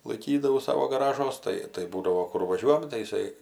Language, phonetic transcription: Lithuanian, laiˈkydavau ˈsavo gaˈražuos ˈtai tai ˈbūdavo ˈkur vaˈžiuojam tai iˈsai

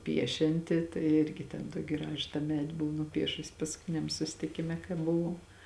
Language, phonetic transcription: Lithuanian, ˈpiešianti tai ˈirgi ten ˈtuoki ˈgražu tą ˈmedi ˈbuvo nuˈpiešusi paskuˈtiniam susitiˈkime kai buˈvau

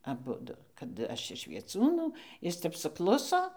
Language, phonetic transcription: Lithuanian, aˈbudu kad ˈaš iš vieˈcūnų ˈjis ˈtep suˈkluso

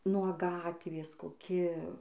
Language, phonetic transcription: Lithuanian, nuo ˈgatvės koˈki

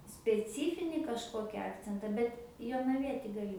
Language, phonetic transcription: Lithuanian, speˈcyfinį kažˈkoki ˈakcenta ˈbet jonaˈvieti gaˈli

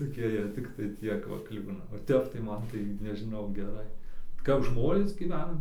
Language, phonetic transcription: Lithuanian, toˈkie jie tikˈtai ˈtiek va ˈklibina o ˈtep tai ˈman tai nežiˈnau geˈrai kap ˈžmonės gyˈven

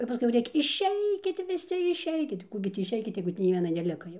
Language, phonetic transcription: Lithuanian, jau paˈskui jau ˈrėkia išˈeikit viˈsi išˈeikit ˈkų gi ˈtį išˈeikit ˈjeigu tį nei ˈviena neˈlika jau

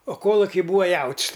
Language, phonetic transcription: Lithuanian, o ˈkoluki ˈbūa ˈjaut's'

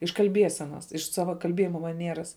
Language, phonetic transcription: Lithuanian, iš kalˈbiesenas iš ˈsava kalˈbiejima maˈnieras

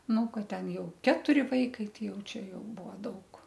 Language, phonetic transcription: Lithuanian, ˈnu ˈkad ˈten ˈjau ˈketuri ˈvaikai ˈtai ˈjau ˈčia ˈjau ˈbuo ˈdaug

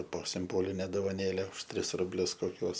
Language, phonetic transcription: Lithuanian, po simˈboline dovaˈnėle už ˈtris rubˈlius koˈkiuos

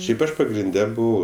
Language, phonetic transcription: Lithuanian, ˈšiaip ˈaš pagrinˈde ˈbuvau

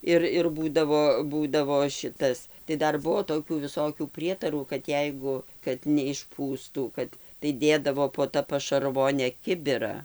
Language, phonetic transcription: Lithuanian, ˈir ir ˈbūdavo ˈbūdavo ˈšitas tai ˈdar ˈbuo toˈkių viˈsokių ˈprietarų kad ˈjeigu kad neišˈpūstų ˈkad tai ˈdėdavo po ˈta pašarˈvone ˈkibira

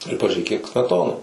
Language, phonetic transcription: Lithuanian, ir pažiūˈrėk kiek smeˈtona

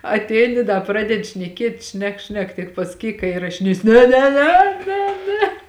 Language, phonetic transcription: Lithuanian, atˈeini ˈda ˈpradedi šneˈkiet' ˈšnek ˈšnek tik pasaˈkyk ka irašiˈnėsi ne ne ˈne ˈne ˈne

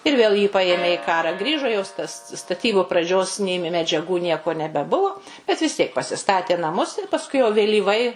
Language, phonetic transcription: Lithuanian, ir ˈvėl jį ˈpajėmė i ˈkarą ˈgrįžo jos tas staˈtybu praˈdžios ˈnė me medžiaˈgų ˈnieko nebeˈbuvu bet vis ˈtiek pasiˈstatė naˈmus ir pasˈkui jau vėlyˈvai

